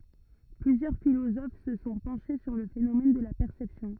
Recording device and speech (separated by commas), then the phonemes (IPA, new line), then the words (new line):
rigid in-ear microphone, read sentence
plyzjœʁ filozof sə sɔ̃ pɑ̃ʃe syʁ lə fenomɛn də la pɛʁsɛpsjɔ̃
Plusieurs philosophes se sont penchés sur le phénomène de la perception.